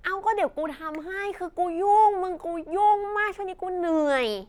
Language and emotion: Thai, frustrated